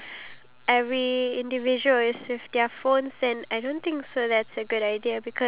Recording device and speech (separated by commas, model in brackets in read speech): telephone, conversation in separate rooms